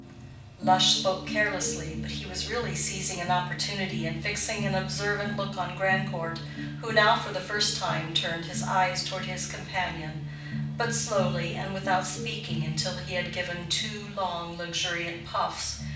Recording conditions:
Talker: one person; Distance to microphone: 5.8 m; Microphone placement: far; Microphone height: 1.8 m; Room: medium-sized (5.7 m by 4.0 m); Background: music

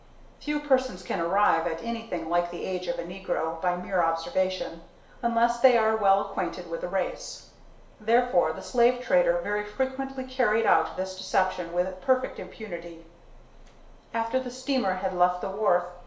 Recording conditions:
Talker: one person; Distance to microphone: 1.0 m; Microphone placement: close; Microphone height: 1.1 m; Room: small (3.7 m by 2.7 m); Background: none

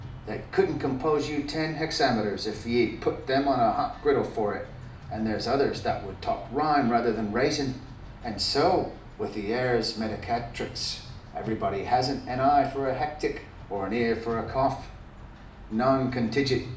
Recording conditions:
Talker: one person; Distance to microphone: 2.0 m; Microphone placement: close; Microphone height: 99 cm; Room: medium-sized (5.7 m by 4.0 m); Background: music

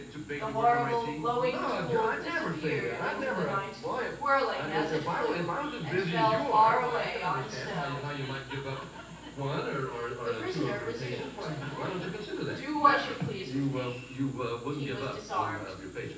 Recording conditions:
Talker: one person; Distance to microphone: 9.8 m; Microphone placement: far; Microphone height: 1.8 m; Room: large; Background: television

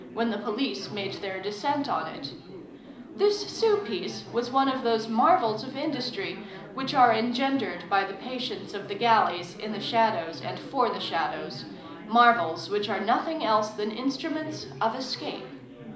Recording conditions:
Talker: one person; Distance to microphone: 2.0 m; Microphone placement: close; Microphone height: 99 cm; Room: medium-sized (5.7 m by 4.0 m); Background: babble

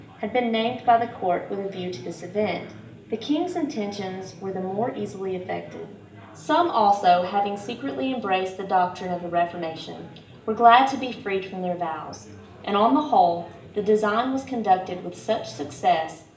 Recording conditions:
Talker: one person; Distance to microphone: 1.8 m; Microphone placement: close; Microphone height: 1.0 m; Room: large; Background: babble

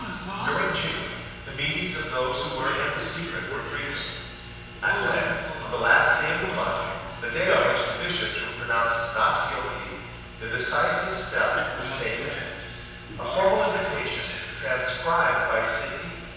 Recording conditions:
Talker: one person; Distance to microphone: 7.1 m; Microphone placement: far; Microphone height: 1.7 m; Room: very reverberant, large; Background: television

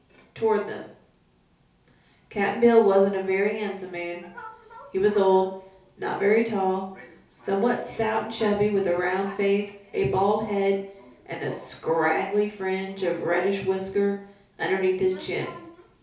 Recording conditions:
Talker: one person; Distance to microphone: 3.0 m; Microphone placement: far; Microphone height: 1.8 m; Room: small (3.7 m by 2.7 m); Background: television

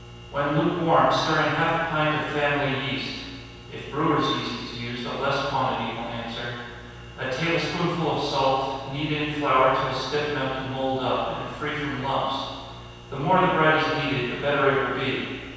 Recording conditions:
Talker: one person; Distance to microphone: 7.1 m; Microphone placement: far; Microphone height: 1.7 m; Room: very reverberant, large; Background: none

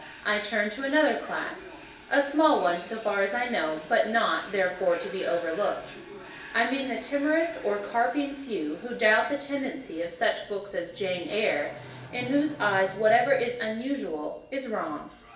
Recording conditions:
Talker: one person; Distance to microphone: 1.8 m; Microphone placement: close; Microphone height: 1.0 m; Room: large; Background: television

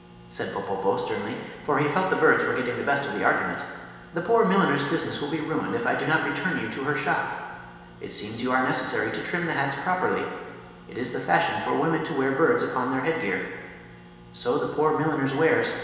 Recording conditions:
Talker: one person; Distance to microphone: 1.7 m; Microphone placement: close; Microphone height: 1.0 m; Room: very reverberant, large; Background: none

